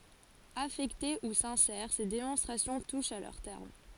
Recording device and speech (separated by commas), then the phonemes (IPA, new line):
forehead accelerometer, read sentence
afɛkte u sɛ̃sɛʁ se demɔ̃stʁasjɔ̃ tuʃt a lœʁ tɛʁm